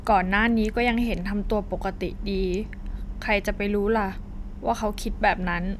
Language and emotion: Thai, sad